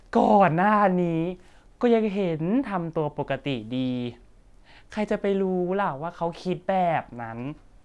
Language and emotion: Thai, frustrated